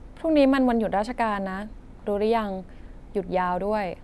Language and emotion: Thai, neutral